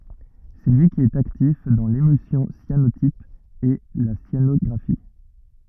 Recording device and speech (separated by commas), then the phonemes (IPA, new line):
rigid in-ear microphone, read sentence
sɛ lyi ki ɛt aktif dɑ̃ lemylsjɔ̃ sjanotip e la sjanɔɡʁafi